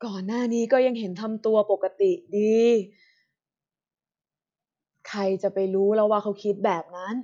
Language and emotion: Thai, frustrated